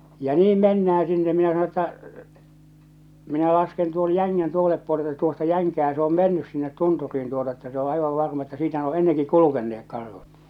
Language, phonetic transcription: Finnish, ja "niim 'mennä₍ä sinne minä sano ‿tta , » 'minä 'lasken tuon "jäŋŋän tòeseˡᵉp puole että tuosta 'jäŋkää se ‿om "mennys 'sinnet 'tuntur̆riin tuota että se ‿o 'aivav 'varma että siitä ne ‿o 'enneŋki "kulukenneek 'karhut « .
- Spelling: ja niin mennään sinne minä sanoin jotta minä lasken tuon jängän toiselle puolen että tuosta jänkää se on mennyt sinne tunturiin tuota että se on aivan varma että siitä ne on ennenkin kulkeneet karhut

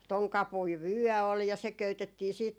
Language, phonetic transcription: Finnish, 'toŋ 'kapui "vyɔ̈̀ ol ja , se 'köytettii siit ,.
- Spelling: tuon kapuinen vyö oli ja se köytettiin sitten

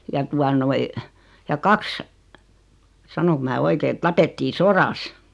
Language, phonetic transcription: Finnish, ja 'tua noi , ja "kaks , "sanoŋk mää 'oike et 'tapettii "soras .
- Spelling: ja tuota noin ja kaksi sanonko minä oikein että tapettiin sodassa

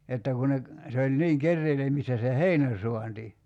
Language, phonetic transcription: Finnish, 'että ku ne ‿k- , 'se oĺ 'niiŋ 'kerreilemistä se "heinä- 'suanti .
- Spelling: että kun ne - se oli niin keräilemistä se - heinänsaanti

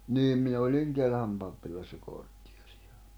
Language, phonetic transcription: Finnish, niim min ‿oĺiŋ 'Kelhäm pappilassa 'korttɪᴇʀɪ₍ᴀ .
- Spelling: niin minä olin Kelhän pappilassa kortteeria

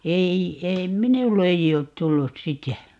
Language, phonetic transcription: Finnish, 'ei , 'ei "minull ‿ei oot 'tullus "sitä .
- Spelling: ei ei minulle ei ole tullut sitä

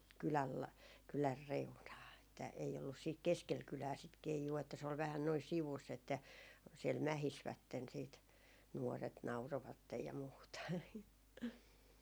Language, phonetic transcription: Finnish, kyläl la- , 'kylär "reunaa että ei ollus siit "keskel 'kylää sit 'keijuu että se ol 'vähän noi 'sivuss ‿että , siɛl 'mähisvätten siit , 'nuoret 'naurovattej ja muuta .
- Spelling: kylän - kylän reunaan että ei ollut sitten keskellä kylää sitä keijua että se oli vähän noin sivussa että siellä mähisivät sitten nuoret nauroivat ja muuta

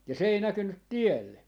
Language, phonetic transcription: Finnish, ja 'se ei 'näkynnyt "tielle .
- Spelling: ja se ei näkynyt tielle

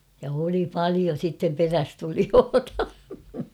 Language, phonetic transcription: Finnish, ja oli "palio sittem 'perästulioota .
- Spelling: ja oli paljon sitten perässätulijoita

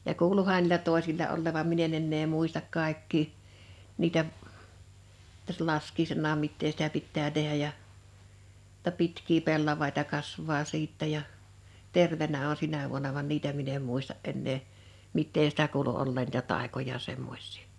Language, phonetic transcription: Finnish, ja 'kuuluuhan n(ii)lä 'tòesilla ollèv vam 'min ‿en ennee 'muistak 'kàḙkkii , 'niitä , t(ä)s[sä] 'laskiisennaam 'mittee sitä 'pittää 'tehä̳ ja , [jo]tta 'pitkii 'pellavàita 'kasv̆vaa 'siittɛ ja , "terveǹä o(n) 'sinä vuona van "niitä min ‿em 'muista’ '’ennee , "mittee sⁱtä 'kuulu olleen niitä 'tàekoja 'semmoś̆sii .
- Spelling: ja kuuluuhan niillä toisilla olleen vaan minä en enää muista kaikkia niitä tässä laskiaisenakaan mitä sitä pitää tehdä ja jotta pitkiä pellavia kasvaa sitten ja terveenä on sinä vuonna vaan niitä minä en muista enää mitä sitä kuului olleen niitä taikoja semmoisia

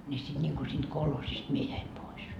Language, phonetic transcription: Finnish, ńi siD ńiŋGu siinD "kolhosist 'mie jäim 'pois .
- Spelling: niin sitten niin kuin siitä kolhoosista minä jäin pois

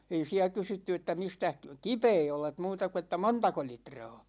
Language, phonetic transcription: Finnish, 'ei 'siä 'kysytty että » 'mistäh "kipee olet « 'muuta ku että » "montako 'litra̭a̭ « .
- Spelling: ei siellä kysytty että mistäs kipeä olet muuta kuin että montako litraa

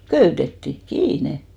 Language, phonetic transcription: Finnish, 'köytetti , "kiine !
- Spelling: köytettiin kiinni

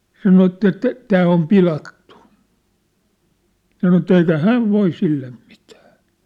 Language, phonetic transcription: Finnish, 'sano ett ‿et , » 'tää om "pilattᴜ « , ja sano ‿tt‿ » eikä "häv "voi 'sillem̳ ᴍɪtᴀ̈ . «
- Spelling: sanoi että että tämä on pilattu ja sanoi että eikä hän voi sille mitään

